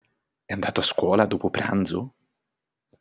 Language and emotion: Italian, surprised